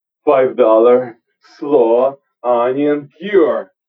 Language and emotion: English, angry